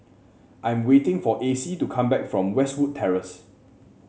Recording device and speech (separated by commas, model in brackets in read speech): mobile phone (Samsung C7), read sentence